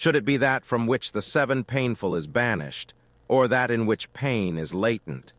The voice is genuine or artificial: artificial